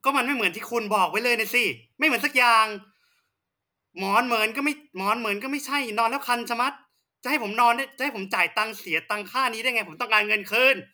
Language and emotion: Thai, angry